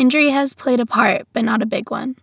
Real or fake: real